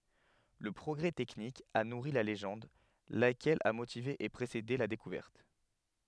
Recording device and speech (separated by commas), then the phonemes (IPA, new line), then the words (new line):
headset microphone, read sentence
lə pʁɔɡʁɛ tɛknik a nuʁi la leʒɑ̃d lakɛl a motive e pʁesede la dekuvɛʁt
Le progrès technique a nourri la légende, laquelle a motivé et précédé la découverte.